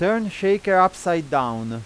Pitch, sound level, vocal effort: 185 Hz, 96 dB SPL, loud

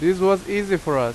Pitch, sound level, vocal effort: 185 Hz, 90 dB SPL, very loud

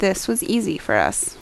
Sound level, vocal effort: 76 dB SPL, normal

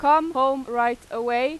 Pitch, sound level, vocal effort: 260 Hz, 97 dB SPL, very loud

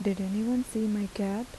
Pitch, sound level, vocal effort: 210 Hz, 79 dB SPL, soft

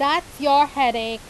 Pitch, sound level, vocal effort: 280 Hz, 95 dB SPL, very loud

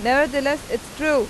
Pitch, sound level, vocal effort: 285 Hz, 94 dB SPL, very loud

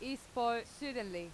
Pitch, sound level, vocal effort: 235 Hz, 90 dB SPL, very loud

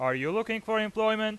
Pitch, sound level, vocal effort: 220 Hz, 98 dB SPL, loud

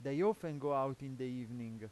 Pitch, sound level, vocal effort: 135 Hz, 92 dB SPL, loud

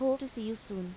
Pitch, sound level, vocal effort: 225 Hz, 84 dB SPL, normal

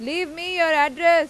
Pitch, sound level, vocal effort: 330 Hz, 101 dB SPL, very loud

